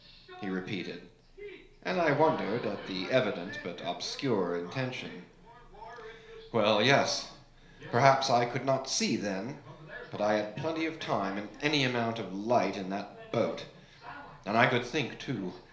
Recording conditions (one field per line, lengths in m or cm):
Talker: one person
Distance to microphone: 1.0 m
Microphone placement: close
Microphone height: 1.1 m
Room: small (3.7 m by 2.7 m)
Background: television